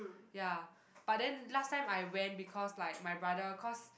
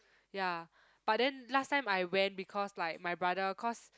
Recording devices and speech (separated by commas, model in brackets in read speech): boundary microphone, close-talking microphone, conversation in the same room